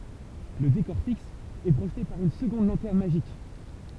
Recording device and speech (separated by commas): temple vibration pickup, read sentence